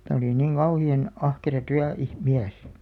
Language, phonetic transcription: Finnish, tä̀ oli 'niŋ "ɢauhi₍an , 'ahkera 'tyä- , -ih- '-miäs .
- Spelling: että oli niin kauhean ahkera - - työmies

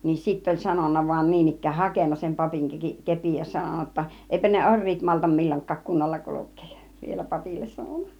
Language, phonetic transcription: Finnish, nin sitt ‿oĺ 'sanon̆na vaⁱn 'niin ‿ik̆kään "hakenna sem 'papiŋ 'ke- , "kepin ja 'sanonna jotta , » 'èipä ne "oŕ̆riit maltam 'mil͕l͕oŋk̆kaak 'kunnolla 'kuluk̆kEEj « ja , ('vielä) 'papilles sanon̆na .
- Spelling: niin sitten oli sanonut vain niin ikään hakenut sen papin - kepin ja sanonut jotta eipä ne oriit malta milloinkaan kunnolla kulkea ja vielä papille sanonut

